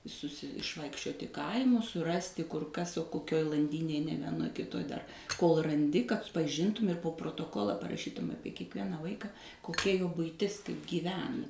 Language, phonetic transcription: Lithuanian, suˈsi išˈvaikščioti ˈkaimus suˈrasti kur ˈkas o koˈkioj lanˈdynėj ne vieˈnoj kiˈtoj dar kol raˈndi kad paˈžintum ir po protoˈkola paraˈšytum ˈapie kiekˈvieną ˈvaika koˈkia jo buiˈtis kaip gyˈvena

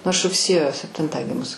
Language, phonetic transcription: Lithuanian, nu aš rugˈsėjo sepˈtintą ˈgimus

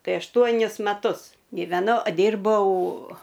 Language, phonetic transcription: Lithuanian, ˈtai ašˈtuonis maˈtus ˈgyvenau ˈdyrbau

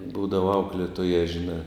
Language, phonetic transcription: Lithuanian, ˈbūdava ˈauklėtoja žiˈnā

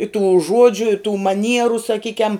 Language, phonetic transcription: Lithuanian, i tų ˈžuodžiu i tų maˈnieru saˈkykiam

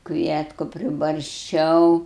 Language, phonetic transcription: Lithuanian, ˈkvietku pribarsˈčiau

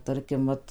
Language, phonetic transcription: Lithuanian, ˈtarkim ˈvat

